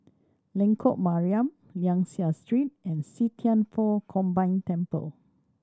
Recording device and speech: standing microphone (AKG C214), read sentence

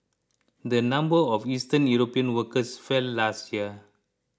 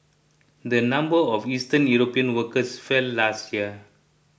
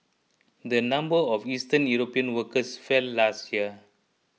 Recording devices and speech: close-talking microphone (WH20), boundary microphone (BM630), mobile phone (iPhone 6), read sentence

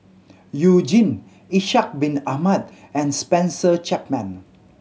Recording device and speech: mobile phone (Samsung C7100), read sentence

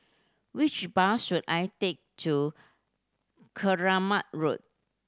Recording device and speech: standing microphone (AKG C214), read sentence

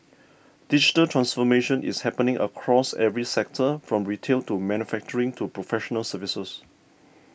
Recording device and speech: boundary microphone (BM630), read sentence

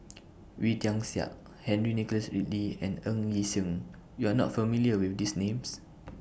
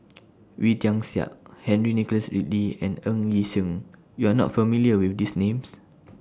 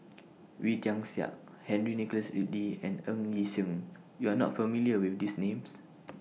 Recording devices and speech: boundary microphone (BM630), standing microphone (AKG C214), mobile phone (iPhone 6), read sentence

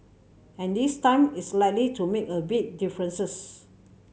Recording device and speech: mobile phone (Samsung C7100), read sentence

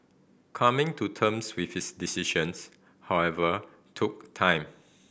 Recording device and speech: boundary microphone (BM630), read sentence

